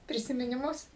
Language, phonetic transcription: Lithuanian, prisiminiˈmus

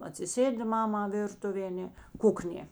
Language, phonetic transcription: Lithuanian, atsiˈsėdi ˈmama ˈvirtuvė aˈne ˈkuknė

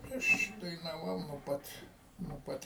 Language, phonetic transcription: Lithuanian, ˈaš dainaˈvau nuo ˈpat nuo ˈpat

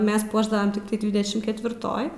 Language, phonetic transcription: Lithuanian, ˈmes ˈpuošdavam tikˈtai ˈdvidešim ketvirˈtoj

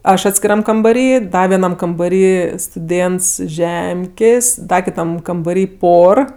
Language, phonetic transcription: Lithuanian, ˈaš atskiˈram kambaˈry ˈda vieˈnam kambaˈry stuˈdėnts iš ˈžemkės' ˈda kiˈtam kambaˈry ˈpor

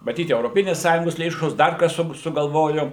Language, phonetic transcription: Lithuanian, maˈtyt euroˈpinės ˈsąjungosˈ lėšos ˈdar ˈkas su sugalˈvoju

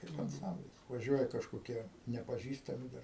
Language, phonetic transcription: Lithuanian, kaip anˈcamblis vaˈžiuoja kažkoˈkie nepaˈžįstami dar

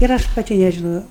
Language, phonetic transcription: Lithuanian, ir ˈaš paˈti nežiˈnojau

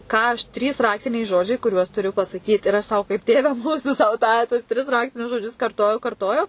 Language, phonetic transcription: Lithuanian, ˈką aš ˈtrys ˈraktiniai ˈžodžiai kuˈriuos tuˈriu pasaˈkyt ir as ˈsau kaip ˈtėve ˈmūsu sau ˈtą tuos tris ˈraktinius žoˈdžius karˈtojau karˈtojau

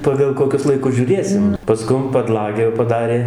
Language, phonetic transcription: Lithuanian, ˌpagal koˈkius laiˈkus žiūˈrėsim paˈskum paˈdlagę jau paˈdarė

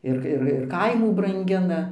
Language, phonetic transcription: Lithuanian, ˈir ir ir ˈkaimų branˈgina

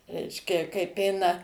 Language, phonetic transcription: Lithuanian, ˈreiškia kaip ˈeina

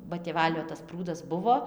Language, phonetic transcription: Lithuanian, ba tėˈvalio tas ˈprūdas ˈbuvo

